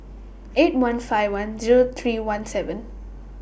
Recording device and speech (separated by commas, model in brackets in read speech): boundary microphone (BM630), read sentence